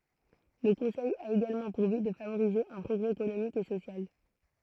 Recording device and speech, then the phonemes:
throat microphone, read sentence
lə kɔ̃sɛj a eɡalmɑ̃ puʁ byt də favoʁize œ̃ pʁɔɡʁɛ ekonomik e sosjal

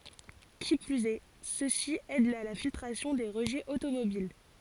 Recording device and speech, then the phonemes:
forehead accelerometer, read sentence
ki plyz ɛ sø si ɛdt a la filtʁasjɔ̃ de ʁəʒɛz otomobil

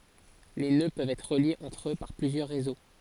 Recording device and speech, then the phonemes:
forehead accelerometer, read sentence
le nø pøvt ɛtʁ ʁəljez ɑ̃tʁ ø paʁ plyzjœʁ ʁezo

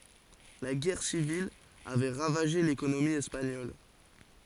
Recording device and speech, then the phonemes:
forehead accelerometer, read sentence
la ɡɛʁ sivil avɛ ʁavaʒe lekonomi ɛspaɲɔl

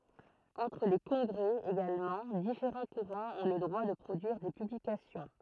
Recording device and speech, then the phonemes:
throat microphone, read sentence
ɑ̃tʁ le kɔ̃ɡʁɛ eɡalmɑ̃ difeʁɑ̃ kuʁɑ̃z ɔ̃ lə dʁwa də pʁodyiʁ de pyblikasjɔ̃

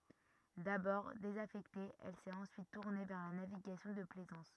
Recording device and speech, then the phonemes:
rigid in-ear microphone, read sentence
dabɔʁ dezafɛkte ɛl sɛt ɑ̃syit tuʁne vɛʁ la naviɡasjɔ̃ də plɛzɑ̃s

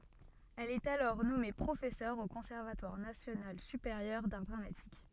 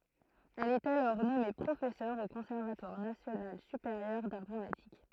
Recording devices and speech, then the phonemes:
soft in-ear microphone, throat microphone, read sentence
ɛl ɛt alɔʁ nɔme pʁofɛsœʁ o kɔ̃sɛʁvatwaʁ nasjonal sypeʁjœʁ daʁ dʁamatik

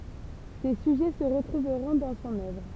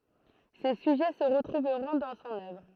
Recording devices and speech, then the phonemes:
temple vibration pickup, throat microphone, read sentence
se syʒɛ sə ʁətʁuvʁɔ̃ dɑ̃ sɔ̃n œvʁ

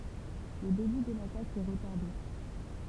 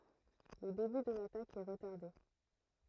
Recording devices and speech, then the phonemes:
temple vibration pickup, throat microphone, read sentence
lə deby də latak ɛ ʁətaʁde

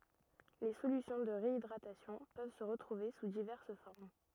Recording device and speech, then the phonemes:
rigid in-ear microphone, read sentence
le solysjɔ̃ də ʁeidʁatasjɔ̃ pøv sə ʁətʁuve su divɛʁs fɔʁm

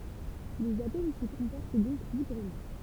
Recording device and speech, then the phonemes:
temple vibration pickup, read sentence
lez atom si kɔ̃pɔʁt dɔ̃k libʁəmɑ̃

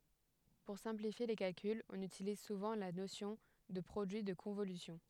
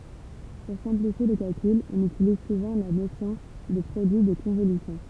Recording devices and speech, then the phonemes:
headset microphone, temple vibration pickup, read sentence
puʁ sɛ̃plifje le kalkylz ɔ̃n ytiliz suvɑ̃ la nosjɔ̃ də pʁodyi də kɔ̃volysjɔ̃

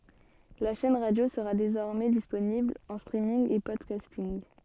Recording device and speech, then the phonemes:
soft in-ear microphone, read sentence
la ʃɛn ʁadjo səʁa dezɔʁmɛ disponibl ɑ̃ stʁiminɡ e pɔdkastinɡ

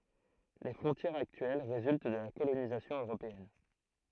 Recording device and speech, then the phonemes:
throat microphone, read sentence
le fʁɔ̃tjɛʁz aktyɛl ʁezylt də la kolonizasjɔ̃ øʁopeɛn

